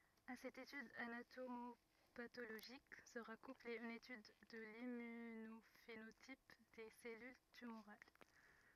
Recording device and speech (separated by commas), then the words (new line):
rigid in-ear microphone, read sentence
À cette étude anatomopathologique, sera couplée une étude de l'immunophénotype des cellules tumorales.